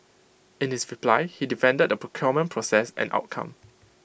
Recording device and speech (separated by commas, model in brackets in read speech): boundary microphone (BM630), read sentence